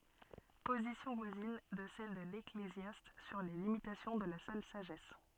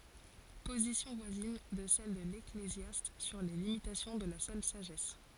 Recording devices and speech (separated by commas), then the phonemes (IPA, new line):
soft in-ear microphone, forehead accelerometer, read sentence
pozisjɔ̃ vwazin də sɛl də leklezjast syʁ le limitasjɔ̃ də la sœl saʒɛs